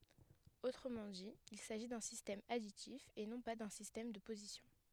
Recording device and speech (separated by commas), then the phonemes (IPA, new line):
headset microphone, read sentence
otʁəmɑ̃ di il saʒi dœ̃ sistɛm aditif e nɔ̃ pa dœ̃ sistɛm də pozisjɔ̃